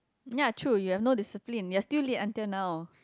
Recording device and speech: close-talking microphone, conversation in the same room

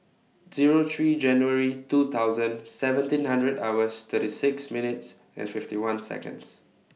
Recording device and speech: mobile phone (iPhone 6), read sentence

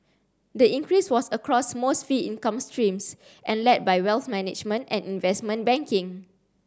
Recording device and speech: standing microphone (AKG C214), read sentence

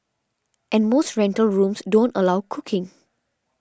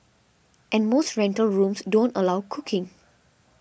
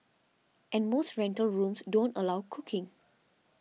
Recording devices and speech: standing microphone (AKG C214), boundary microphone (BM630), mobile phone (iPhone 6), read sentence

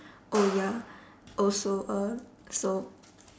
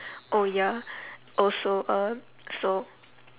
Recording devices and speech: standing microphone, telephone, conversation in separate rooms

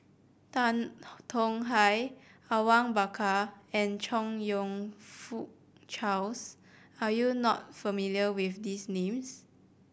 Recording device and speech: boundary microphone (BM630), read sentence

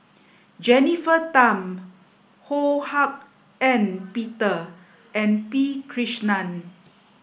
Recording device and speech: boundary microphone (BM630), read sentence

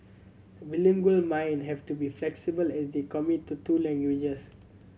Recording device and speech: mobile phone (Samsung C7100), read sentence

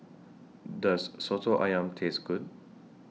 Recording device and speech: mobile phone (iPhone 6), read sentence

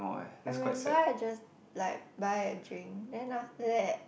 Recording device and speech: boundary microphone, conversation in the same room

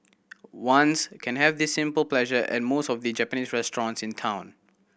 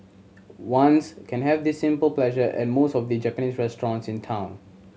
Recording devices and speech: boundary microphone (BM630), mobile phone (Samsung C7100), read sentence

